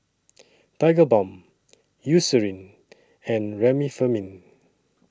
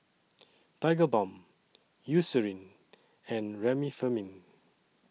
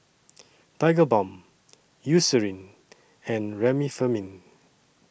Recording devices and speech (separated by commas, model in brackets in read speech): standing microphone (AKG C214), mobile phone (iPhone 6), boundary microphone (BM630), read sentence